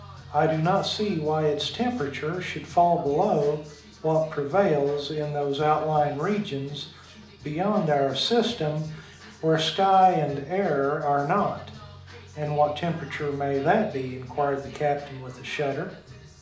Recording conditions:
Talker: one person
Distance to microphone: 2.0 m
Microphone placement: close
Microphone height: 99 cm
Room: medium-sized (5.7 m by 4.0 m)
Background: music

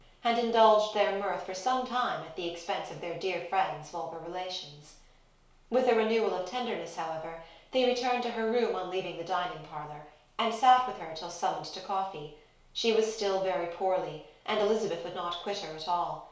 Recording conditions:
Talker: one person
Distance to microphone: 1.0 m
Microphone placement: close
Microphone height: 1.1 m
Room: small (3.7 m by 2.7 m)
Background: none

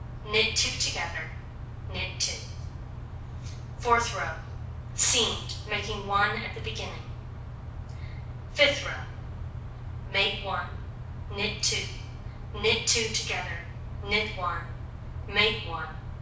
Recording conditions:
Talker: one person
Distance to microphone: 5.8 m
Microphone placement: far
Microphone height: 1.8 m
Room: medium-sized (5.7 m by 4.0 m)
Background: none

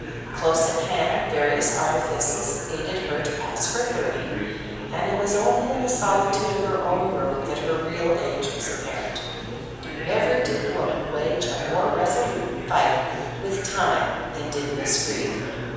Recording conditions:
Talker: one person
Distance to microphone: 7.1 m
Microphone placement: far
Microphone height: 1.7 m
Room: very reverberant, large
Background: babble

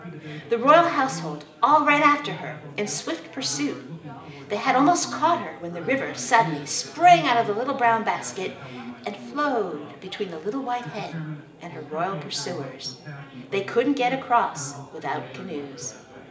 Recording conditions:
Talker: one person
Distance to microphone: 1.8 m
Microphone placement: close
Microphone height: 1.0 m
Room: large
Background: babble

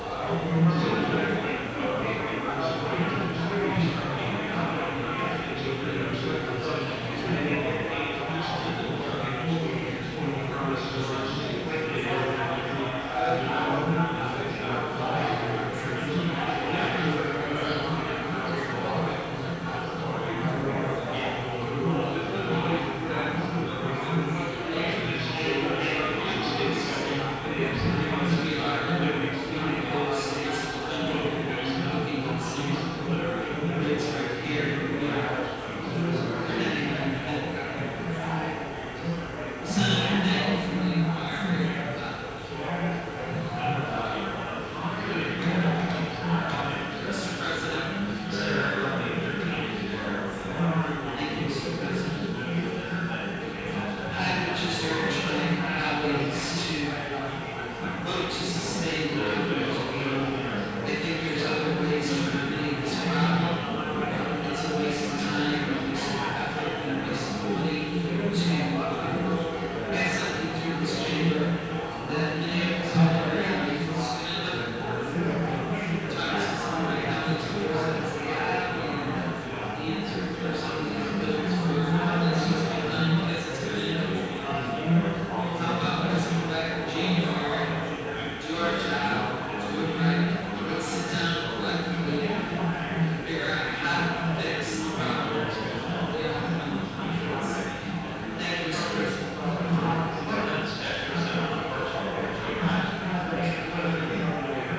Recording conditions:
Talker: no one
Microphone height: 1.0 m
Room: very reverberant, large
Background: babble

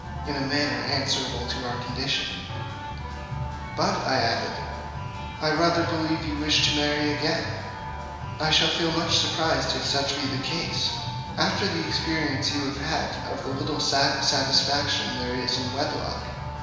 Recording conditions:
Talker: one person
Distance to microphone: 1.7 m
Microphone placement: close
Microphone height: 1.0 m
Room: very reverberant, large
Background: music

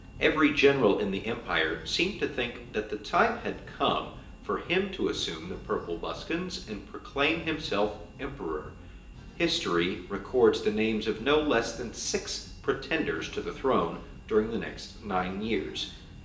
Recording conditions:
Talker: one person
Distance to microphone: 1.8 m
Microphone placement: close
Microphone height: 1.0 m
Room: large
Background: music

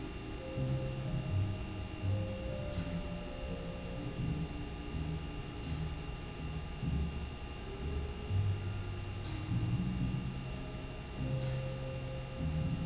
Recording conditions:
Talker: no one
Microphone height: 1.0 m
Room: very reverberant, large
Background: music

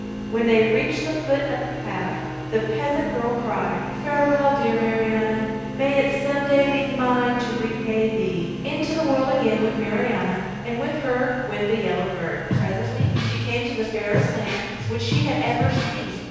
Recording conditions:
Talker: one person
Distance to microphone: 7.1 m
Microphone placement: far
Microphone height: 1.7 m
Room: very reverberant, large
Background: music

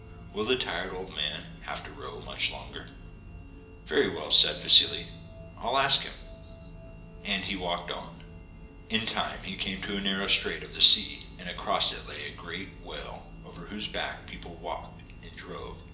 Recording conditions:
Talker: one person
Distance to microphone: 1.8 m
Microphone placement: close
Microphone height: 1.0 m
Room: large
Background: music

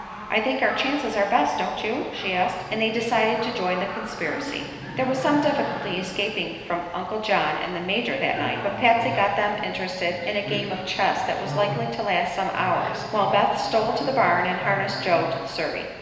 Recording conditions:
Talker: one person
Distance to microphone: 1.7 m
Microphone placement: close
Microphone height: 1.0 m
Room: very reverberant, large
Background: television

